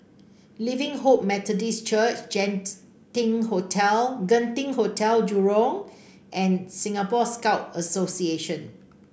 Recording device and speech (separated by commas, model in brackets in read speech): boundary microphone (BM630), read sentence